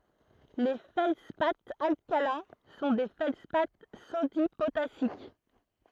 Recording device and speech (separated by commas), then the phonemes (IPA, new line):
throat microphone, read sentence
le fɛldspaz alkalɛ̃ sɔ̃ de fɛldspa sodi potasik